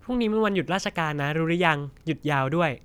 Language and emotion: Thai, happy